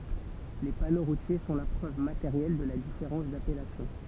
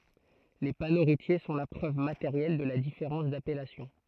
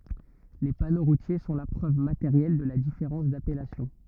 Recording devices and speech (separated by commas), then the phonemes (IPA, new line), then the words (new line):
temple vibration pickup, throat microphone, rigid in-ear microphone, read sentence
le pano ʁutje sɔ̃ la pʁøv mateʁjɛl də la difeʁɑ̃s dapɛlasjɔ̃
Les panneaux routiers sont la preuve matérielle de la différence d'appellation.